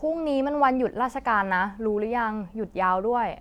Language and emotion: Thai, frustrated